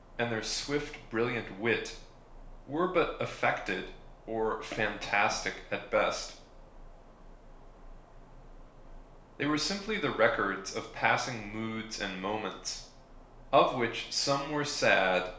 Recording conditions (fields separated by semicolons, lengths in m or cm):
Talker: one person; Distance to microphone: 1.0 m; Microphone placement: close; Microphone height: 1.1 m; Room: small (3.7 m by 2.7 m); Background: none